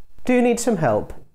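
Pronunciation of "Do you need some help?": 'Do you need some help?' is said with a sarcastic tone.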